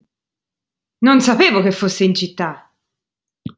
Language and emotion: Italian, angry